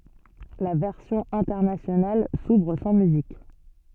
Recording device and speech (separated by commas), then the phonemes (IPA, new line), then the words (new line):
soft in-ear microphone, read sentence
la vɛʁsjɔ̃ ɛ̃tɛʁnasjonal suvʁ sɑ̃ myzik
La version internationale s'ouvre sans musique.